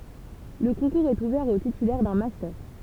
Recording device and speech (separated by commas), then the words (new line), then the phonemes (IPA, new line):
temple vibration pickup, read sentence
Le concours est ouvert aux titulaires d'un master.
lə kɔ̃kuʁz ɛt uvɛʁ o titylɛʁ dœ̃ mastœʁ